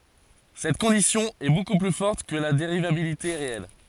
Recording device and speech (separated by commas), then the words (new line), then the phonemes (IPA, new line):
forehead accelerometer, read sentence
Cette condition est beaucoup plus forte que la dérivabilité réelle.
sɛt kɔ̃disjɔ̃ ɛ boku ply fɔʁt kə la deʁivabilite ʁeɛl